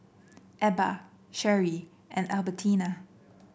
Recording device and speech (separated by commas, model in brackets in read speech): boundary microphone (BM630), read sentence